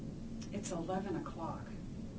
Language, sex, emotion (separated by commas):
English, female, neutral